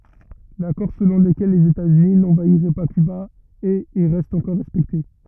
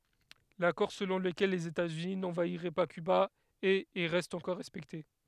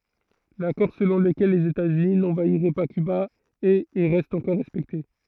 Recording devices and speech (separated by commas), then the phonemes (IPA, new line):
rigid in-ear microphone, headset microphone, throat microphone, read sentence
lakɔʁ səlɔ̃ ləkɛl lez etaz yni nɑ̃vaiʁɛ pa kyba ɛt e ʁɛst ɑ̃kɔʁ ʁɛspɛkte